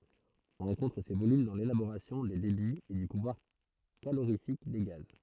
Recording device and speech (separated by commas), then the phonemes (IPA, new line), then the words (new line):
throat microphone, read sentence
ɔ̃ ʁɑ̃kɔ̃tʁ se volym dɑ̃ lelaboʁasjɔ̃ de debiz e dy puvwaʁ kaloʁifik de ɡaz
On rencontre ces volumes dans l'élaboration des débits et du pouvoir calorifique des gaz.